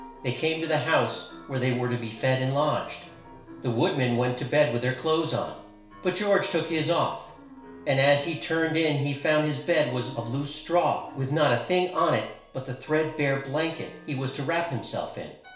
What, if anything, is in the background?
Music.